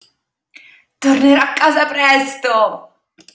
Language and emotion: Italian, happy